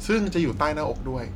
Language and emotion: Thai, neutral